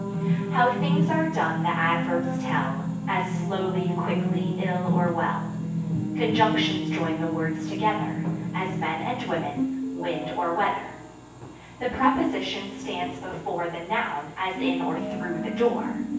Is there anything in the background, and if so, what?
A television.